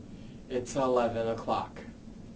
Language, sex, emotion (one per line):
English
male
neutral